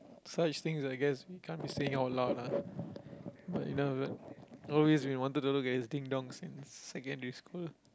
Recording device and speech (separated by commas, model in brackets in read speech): close-talking microphone, conversation in the same room